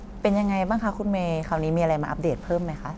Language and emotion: Thai, neutral